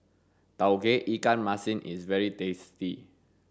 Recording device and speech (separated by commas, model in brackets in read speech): standing microphone (AKG C214), read sentence